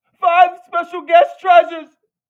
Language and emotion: English, fearful